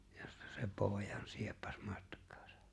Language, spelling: Finnish, josta se pojan sieppasi matkaansa
- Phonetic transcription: ᴊᴏstᴀ sᴇ 'pooᵉjan 'sieppᴀs 'mᴀtk̀ᴀᴀsᴀ .

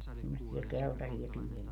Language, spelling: Finnish, semmoisia keltaisia pieniä
- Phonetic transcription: semmossiɛ "keltasia 'pieniä .

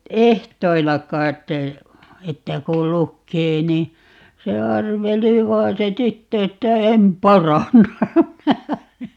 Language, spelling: Finnish, ehdoilla kai että kun lukee niin se arveli vain se tyttö että en paranna
- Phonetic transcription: "ehtoilla 'kait , 'että kul 'lukkee ni , 'se "arveli 'vai̮n se "tyttö että » "em 'paranna » .

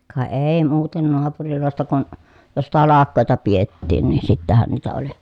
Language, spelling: Finnish, ka ei muuten naapureista kun jos talkoita pidettiin niin sittenhän niitä oli
- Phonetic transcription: ka èi muuten noapurilòesta kun , jos talakkòeta piettiin nin sittähän niitä oli .

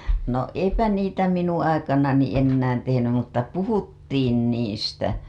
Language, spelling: Finnish, no eipä niitä minun aikanani enää tehnyt mutta puhuttiin niistä
- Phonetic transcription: no "eipä 'niitä 'minuṵ aikanani ennään tehenym mutta "puhuttiin 'niistä .

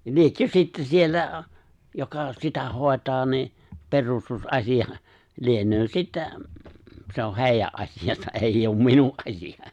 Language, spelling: Finnish, liekö sitten siellä joka sitä hoitaa niin perustusasia lienee sitten se on heidän asiansa ei ole minun asia
- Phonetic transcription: 'liekkö 'sitte 'siellä , 'joka sitä 'hòetaa ni , 'perustus'’asija , 'lienöö 'sittä , se oh "hèijä’ '’aśijasa’ '’eijj ‿oom "minu’ '’aśija .

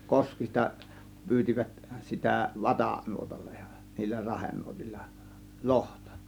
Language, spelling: Finnish, koskista pyysivät sitä - vatanuotalla ja niillä rahenuotilla lohta
- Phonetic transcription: koskista , 'pyyt͕ivät sitä "vatà- , -'nuotallA JA , niillä 'rahennuotillA , "lohtA .

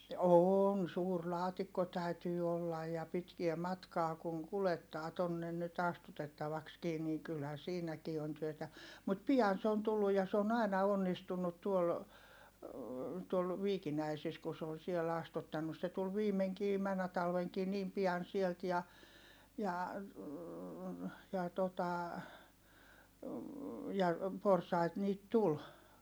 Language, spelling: Finnish, on suuri laatikko täytyy olla ja pitkää matkaa kun kuljettaa tuonne nyt astutettavaksikin niin kyllähän siinäkin on työtä mutta pian se on tullut ja se on aina onnistunut tuolla tuolla Viikinäisissä kun se on siellä astuttanut se tuli viimeinkin menneenä talvenakin niin pian sieltä ja ja ja tuota ja porsaita niitä tuli
- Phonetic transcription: oon suur laatikko täytyy ollaj ja pitkie matkaa kuŋ kulettaa tonnen nyt ‿astutettavakskii ni kylhä siinäkii on työtä , mut pi₍an se on tulluj ja se on ‿aina onnistunnut tuol , tuol , Viikinäisis ku se on siɛl ‿astuttannus se tul viimeŋkii männä talveŋkii niim pi₍an sielt ja , ja , ja tota , ja , porsait niit tul .

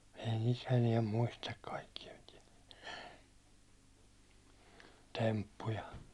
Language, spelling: Finnish, ei niitä enää muista kaikkia - temppuja
- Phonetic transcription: ei nit 'eniɛm 'muistak kaikkija te- , 'temppuja .

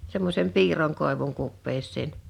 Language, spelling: Finnish, semmoisen piirron koivun kupeeseen
- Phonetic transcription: semmos̀em 'piir̀oŋ 'kòevuŋ 'kuppeesseen .

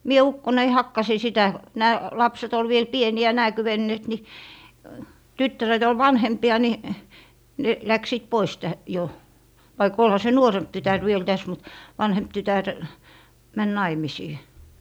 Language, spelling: Finnish, minä ukkoineni hakkasin sitä nämä lapset oli vielä pieniä nämä kyenneet niin tyttäret oli vanhempia niin ne lähtivät pois - jo vaikka olihan se nuorempi tytär vielä tässä mutta vanhempi tytär meni naimisiin
- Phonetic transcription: mie 'ukkonei 'hakkasi sitä , nää 'lapset ‿ol viel "pieni₍ä nää 'kywenneet ni , 'tyttäret ‿ol "vanhempi₍a ni , ne 'läksiit 'pois tä - jo , vaik 'olha se "nuoremp 'tytär viel täs mut "vanhemp 'tytär , 'män "naimisii .

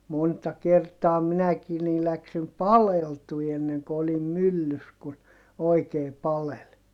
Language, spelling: Finnish, monta kertaa minäkin niin lähdin paleltumaan ennen kuin olin myllyssä kun oikein paleli
- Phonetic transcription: monta kertaa minäkii nii läksim paleltui enneŋko olim myllys kun , oikee palel .

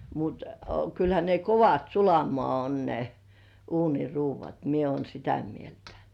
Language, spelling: Finnish, mutta kyllähän ne kovat sulamaan on ne uuniruoat minä olen sitä mieltä
- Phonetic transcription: mut , kylhä ne "kovat 'sulamoà on ne , 'uuni̳§"ruuv̆vat "mie uon 'sitä mieltᴀ̈ .

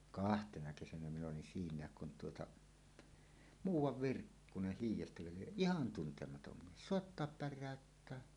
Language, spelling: Finnish, kahtena kesänä minä olin siinäkin kun tuota muuan Virkkunen hiidestäkö lie ihan tuntematon mies soittaa päräyttää
- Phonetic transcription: kahtena 'kesänä min ‿olin 'siiǹääk kun tuota , "muuw̆wav "Virkkuneh 'hiij̆jestäkö lieˀ "ˀihan 'tuntematom 'mies "sòettoap "pär̆rä̀öttää .

